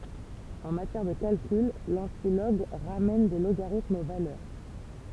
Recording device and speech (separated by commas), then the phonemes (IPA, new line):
temple vibration pickup, read sentence
ɑ̃ matjɛʁ də kalkyl lɑ̃tilɔɡ ʁamɛn de loɡaʁitmz o valœʁ